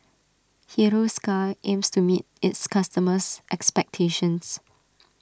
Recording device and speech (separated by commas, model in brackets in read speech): standing microphone (AKG C214), read sentence